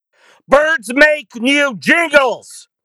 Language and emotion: English, disgusted